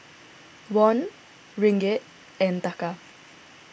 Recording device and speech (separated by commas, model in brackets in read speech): boundary microphone (BM630), read sentence